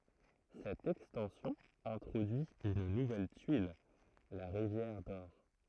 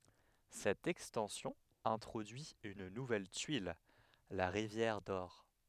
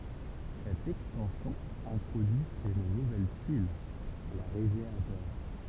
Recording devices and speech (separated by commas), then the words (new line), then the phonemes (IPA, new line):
throat microphone, headset microphone, temple vibration pickup, read sentence
Cette extension introduit une nouvelle tuile, la rivière d'or.
sɛt ɛkstɑ̃sjɔ̃ ɛ̃tʁodyi yn nuvɛl tyil la ʁivjɛʁ dɔʁ